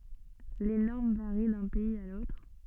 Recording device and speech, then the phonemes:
soft in-ear microphone, read sentence
le nɔʁm vaʁi dœ̃ pɛiz a lotʁ

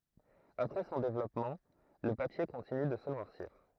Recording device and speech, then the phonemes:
throat microphone, read sentence
apʁɛ sɔ̃ devlɔpmɑ̃ lə papje kɔ̃tiny də sə nwaʁsiʁ

